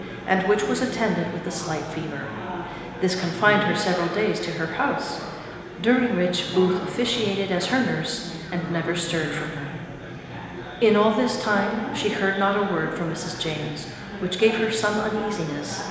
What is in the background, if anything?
Crowd babble.